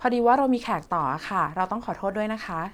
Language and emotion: Thai, neutral